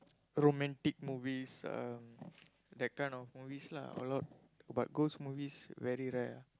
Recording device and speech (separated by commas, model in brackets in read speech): close-talking microphone, conversation in the same room